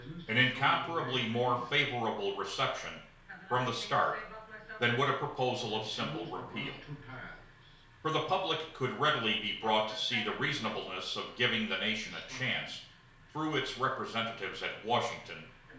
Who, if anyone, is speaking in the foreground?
One person.